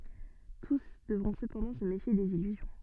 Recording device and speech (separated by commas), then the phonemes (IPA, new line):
soft in-ear microphone, read sentence
tus dəvʁɔ̃ səpɑ̃dɑ̃ sə mefje dez ilyzjɔ̃